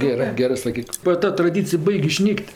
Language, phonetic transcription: Lithuanian, geˈrɜ ˈgerɜ saˈkyk ba ˈta traˈdycij ˈbaig' iˈšnyk't'

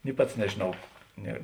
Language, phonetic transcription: Lithuanian, ni ˈpats nežėˈnau ˈne

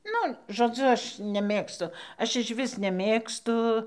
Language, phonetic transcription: Lithuanian, ˈnu žoˈdzu ˈaš neˈmėgstu ˈaš išˈvis neˈmėgstu

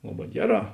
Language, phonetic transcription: Lithuanian, ˈlaˌbā ˈgeˌrā

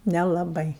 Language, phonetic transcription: Lithuanian, nelaˈbai

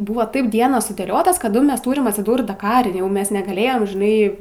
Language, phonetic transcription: Lithuanian, ˈbuvo ˈtaip ˈdienos sudėˈliotos kaˈdu ˈmes ˈtūrim atsiˈdūrt daˈkari ˈjau ˈmes negaˈlėjem žiˈnai

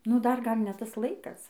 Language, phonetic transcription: Lithuanian, nu dar ˈgal' ˈne ˈtas ˈlaikas

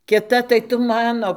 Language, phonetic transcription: Lithuanian, kiˈta tai ˈtu ˈmano

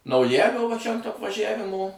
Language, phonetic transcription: Lithuanian, nauˈjælio va čia ant apvaˈžævimo

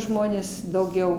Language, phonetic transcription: Lithuanian, ˈžmonės dauˈgiau

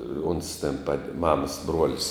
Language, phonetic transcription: Lithuanian, ons ten pad' ˈmamas ˈbruolis

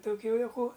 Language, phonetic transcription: Lithuanian, toˈkių juoˈkų

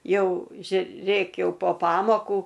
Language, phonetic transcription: Lithuanian, ˈjau žiuˈrėk ˈjau po ˈpamokų

